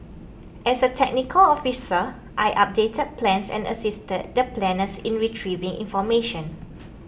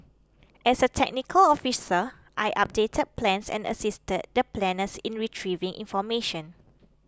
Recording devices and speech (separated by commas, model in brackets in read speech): boundary microphone (BM630), close-talking microphone (WH20), read sentence